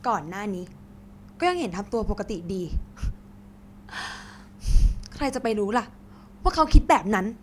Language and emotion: Thai, frustrated